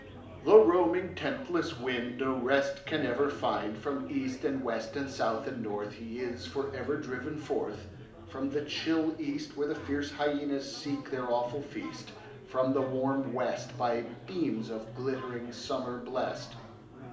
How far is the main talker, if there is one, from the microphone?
2.0 m.